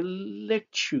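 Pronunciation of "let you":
In 'let you', the t changes into a ch sound, the palatal alveolar affricate.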